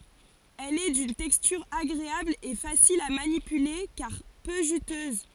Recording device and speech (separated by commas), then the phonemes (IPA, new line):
forehead accelerometer, read sentence
ɛl ɛ dyn tɛkstyʁ aɡʁeabl e fasil a manipyle kaʁ pø ʒytøz